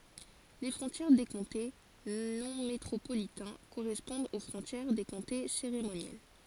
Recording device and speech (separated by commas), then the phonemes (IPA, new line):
forehead accelerometer, read sentence
le fʁɔ̃tjɛʁ de kɔ̃te nɔ̃ metʁopolitɛ̃ koʁɛspɔ̃dt o fʁɔ̃tjɛʁ de kɔ̃te seʁemonjɛl